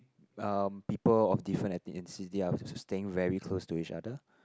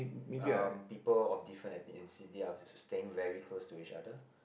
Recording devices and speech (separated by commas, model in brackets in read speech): close-talking microphone, boundary microphone, conversation in the same room